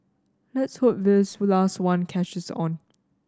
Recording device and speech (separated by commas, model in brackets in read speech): standing microphone (AKG C214), read sentence